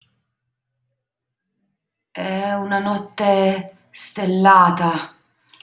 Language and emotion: Italian, fearful